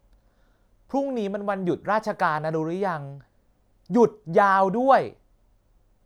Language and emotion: Thai, frustrated